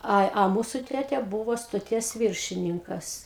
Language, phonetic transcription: Lithuanian, ˈa a ˈmūsu ˈtete ˈbūvo stoˈties ˈviršininkas

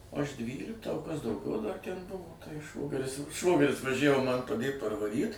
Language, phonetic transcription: Lithuanian, ˈaš ˈdvyliktą o ˈkas dauˈgiau dar ˈten ˈbuvo tai ˈšvogeris ˈšvogeris vaˈžævo ˈman paˈdėt parvaˈryt

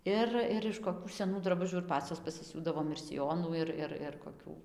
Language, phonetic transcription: Lithuanian, ˈir ir iš koˈkių seˈnų draˈbužių ir ˈpacios pasiˈsiūdavom ir siˈjonų ˈir ˈir ir koˈkių

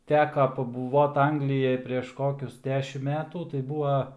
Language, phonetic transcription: Lithuanian, ˈteka pabuˈvot ˈanglijaj prėš ˈkokius ˈdešim ˈmetų tai ˈbūva

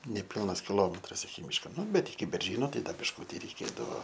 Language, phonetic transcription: Lithuanian, neˈpilnas kiˈlometras iki ˈmyško ˈnu ˈbet iki berˈžyno ˈtai ˈda bišˈkuti reiˈkėdavo

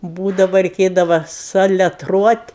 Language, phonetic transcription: Lithuanian, ˈbūdava reiˈkėdava saleˈtruot'

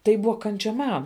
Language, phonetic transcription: Lithuanian, ˈtai ˈbuva ˈkančia ˈman

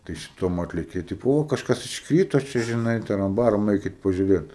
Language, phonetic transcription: Lithuanian, tai šiˈtom ˈatlėkė ˈtipo ˈo kažˈkas iškˈryto ˈčia žiˈnai ˈtaram ˈbaram ˈeikit pažiūˈrėt

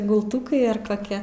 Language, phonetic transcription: Lithuanian, gulˈtukai ar koˈkia

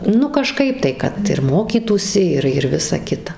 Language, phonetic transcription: Lithuanian, ˈnu kaˈžkaip tai kad ir ˈmokytųsi ˈir ir ˈvisa ˈkita

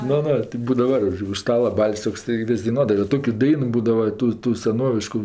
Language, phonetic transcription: Lithuanian, ˈnu ˈnu tik ˈbūdava už ˈstala ˈbal's' tokˈsai ˈvis' daiˈnuodava jau ˈtokiu ˈdainu ˈbūdava ˈtų ˈtų seˈnovišku

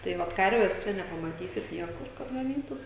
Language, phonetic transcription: Lithuanian, tai ˈvat ˈkarves ˈčia nepamaˈtysit ˈniekur kad gaˈnytųs

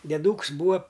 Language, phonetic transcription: Lithuanian, dieˈdūks ˈbūa

